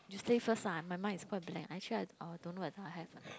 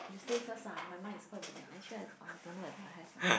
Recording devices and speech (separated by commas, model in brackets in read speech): close-talking microphone, boundary microphone, conversation in the same room